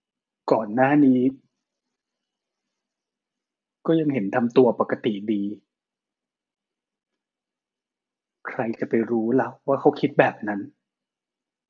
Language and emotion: Thai, sad